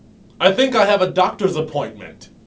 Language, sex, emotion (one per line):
English
male
neutral